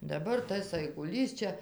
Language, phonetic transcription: Lithuanian, daˈbar ˈtas aiguˈlys ˈčia

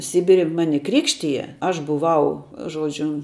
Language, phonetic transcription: Lithuanian, ˈsibiri ˈmani ˈkrikštija ˈaš buˈvau ˈžuodžiu

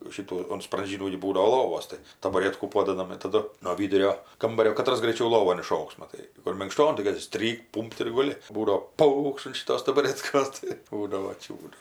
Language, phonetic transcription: Lithuanian, ˈšytų un spranˈžynų gi ˈbūdavo ˈlovos tai tabaˈrėtkų ˈpodadam ir taˈdu no ˈvydurio ˈkambario kaˈtras graiˈčiau ˈlovon iˈšoks maˈtai kur minkˈšton tai ˈkad tik ˈstrykt ˈpūmpt ir guˈli ˈbūdo ˈpaukšt an šiˈtos tabaˈretkos tai ˈbūdavo ˈčiūdu

